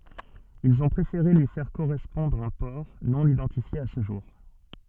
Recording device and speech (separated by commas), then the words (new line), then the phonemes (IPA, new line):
soft in-ear microphone, read sentence
Ils ont préféré lui faire correspondre un port, non-identifié à ce jour.
ilz ɔ̃ pʁefeʁe lyi fɛʁ koʁɛspɔ̃dʁ œ̃ pɔʁ nonidɑ̃tifje a sə ʒuʁ